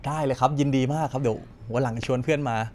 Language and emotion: Thai, happy